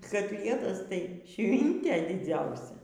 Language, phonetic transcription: Lithuanian, kaˈtlietas tai ˈšvintė diˈdziausia

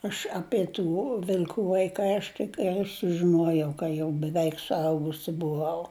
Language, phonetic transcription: Lithuanian, aš ˈapie tų vil'ˈkų vaiˈkai ˈaš tik ˈgal' sužiˈnuojau ka ˈjau beˈveik suˈaugusi buˈvau

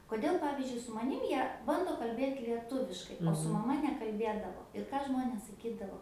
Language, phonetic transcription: Lithuanian, koˈdėl ˈpavizdžiui su maˈnim ˈjie ˈbando kalˈbėt lieˈtuviškai o su maˈma nekalˈbėdavo ir ˈką ˈžmonės saˈkydavo

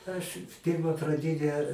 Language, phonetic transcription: Lithuanian, aš ˈpyrma praˈdinę

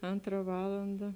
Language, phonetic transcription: Lithuanian, ˈantra ˈvalanda

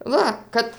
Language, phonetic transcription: Lithuanian, ˈva ˈkad

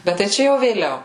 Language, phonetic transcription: Lithuanian, ˈbet tai ˈčia jau vėˈliau

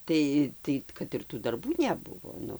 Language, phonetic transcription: Lithuanian, ˈtai ˈtai kad ir tų darˈbų neˈbuvo ˈnu

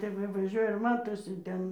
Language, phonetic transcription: Lithuanian, ˈtep va vaˈžiuoja ir ˈmatosi ˈten

